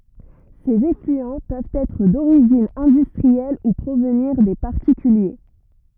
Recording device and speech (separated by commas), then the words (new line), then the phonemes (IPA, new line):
rigid in-ear microphone, read sentence
Ces effluents peuvent être d'origine industrielle ou provenir des particuliers.
sez eflyɑ̃ pøvt ɛtʁ doʁiʒin ɛ̃dystʁiɛl u pʁovniʁ de paʁtikylje